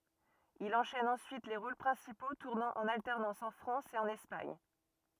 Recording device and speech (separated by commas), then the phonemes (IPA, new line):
rigid in-ear microphone, read sentence
il ɑ̃ʃɛn ɑ̃syit le ʁol pʁɛ̃sipo tuʁnɑ̃ ɑ̃n altɛʁnɑ̃s ɑ̃ fʁɑ̃s e ɑ̃n ɛspaɲ